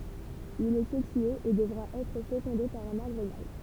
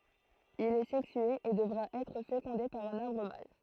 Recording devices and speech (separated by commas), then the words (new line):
temple vibration pickup, throat microphone, read sentence
Il est sexué et devra être fécondé par un arbre mâle.